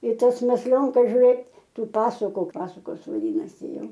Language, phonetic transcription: Lithuanian, į ˈtas mesˈlionkas žiuˈrėt ˈtų ˈpasuku ˈpasukos vaˈdynasi ˈjau

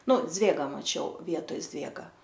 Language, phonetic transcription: Lithuanian, ˈnu ˈdzvėgą maˈčiau ˈvietoj ˈzvėga

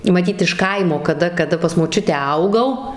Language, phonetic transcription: Lithuanian, maˈtyt iš ˈkaimo kaˈda kaˈda pas moˈčiutę ˈaugau

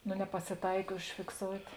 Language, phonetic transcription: Lithuanian, no nepasiˈtaik užfikˈsout'

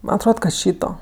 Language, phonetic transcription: Lithuanian, ˈman atˈrod kad ˈšyto

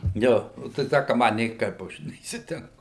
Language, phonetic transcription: Lithuanian, ˈjo o tai ˈtę ka ˈma nėˈkaip ˈaš neįsitenˈku

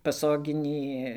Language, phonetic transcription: Lithuanian, paˈsoginį

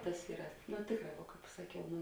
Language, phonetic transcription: Lithuanian, ˈtas ˈyra nu ˈtėkˌrā vuo ˈkāp saˈkiau ˈnu

